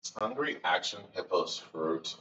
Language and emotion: English, disgusted